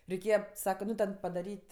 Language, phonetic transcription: Lithuanian, reiˈkėja ˈsaka ˈnu ten padaˈryt'

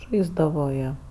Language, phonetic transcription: Lithuanian, ˈžaisdavo ˈjie

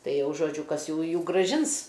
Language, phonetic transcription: Lithuanian, ˈtai ˈjau žoˈdžiu ˈkas ˈjųjų graˈžins

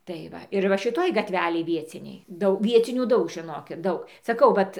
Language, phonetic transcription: Lithuanian, tai ˈva ir ˈva šiˈtoj gaˈtvelėj ˈvieciniai ˈdau ˈviecinių ˈdaug žiˈnokit ˈdaug saˈkau ˈvat

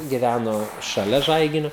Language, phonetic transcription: Lithuanian, giˈvæno šaˈlia ˈžaiginiu

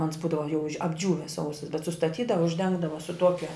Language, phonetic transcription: Lithuanian, ans ˈbūdava jau apˈdžiūvis ˈsausas bet sustaˈtydava užˈdengdava su ˈtuokia

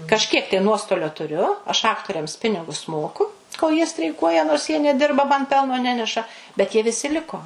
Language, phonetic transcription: Lithuanian, kažˈkiek tai ˈnuostolio tuˈriu aš ˈaktoriams ˈpinigus ˈmoku kol jie streiˈkuoja nors jie neˈdirba man ˈpelno ˈneneša bet jie viˈsi ˈliko

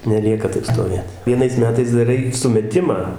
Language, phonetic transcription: Lithuanian, neˈlieka ˈtaip stoˈvėt vieˈnais ˈmetais daˈrai sumeˈtimą

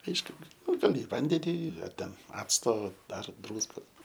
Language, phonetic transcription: Lithuanian, ˈaišku ˈnu gaˈli i ˈvandeni ar ˈten ˈacto dar ˈdrūskos

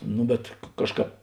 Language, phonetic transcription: Lithuanian, ˈnu bet ˈkažˌkāp

